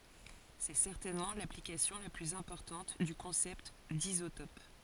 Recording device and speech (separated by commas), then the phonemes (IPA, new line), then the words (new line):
forehead accelerometer, read sentence
sɛ sɛʁtɛnmɑ̃ laplikasjɔ̃ la plyz ɛ̃pɔʁtɑ̃t dy kɔ̃sɛpt dizotɔp
C'est certainement l'application la plus importante du concept d'isotope.